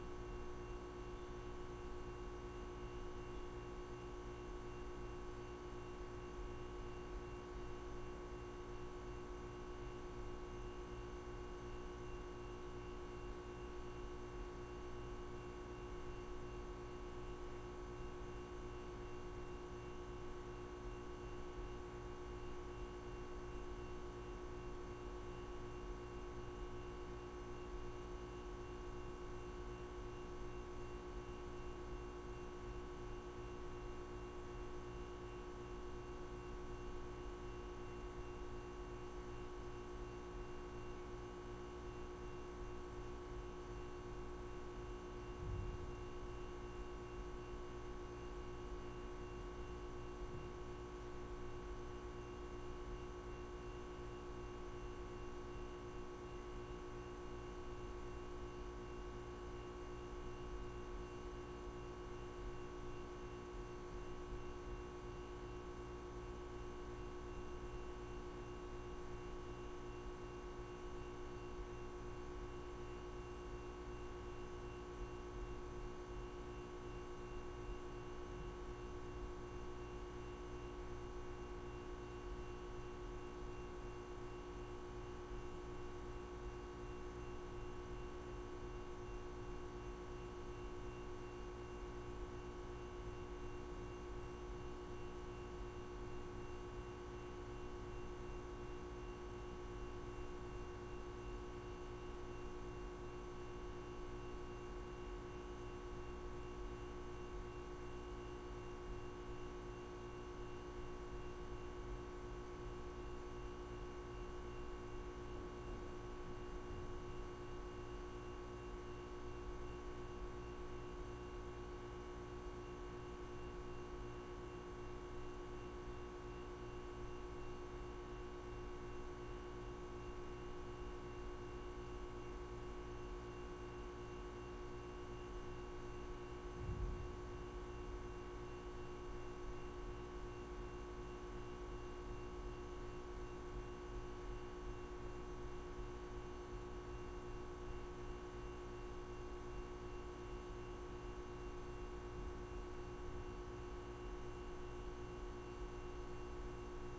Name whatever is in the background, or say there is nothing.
Nothing.